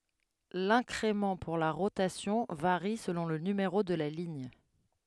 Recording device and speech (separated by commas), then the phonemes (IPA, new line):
headset microphone, read sentence
lɛ̃kʁemɑ̃ puʁ la ʁotasjɔ̃ vaʁi səlɔ̃ lə nymeʁo də la liɲ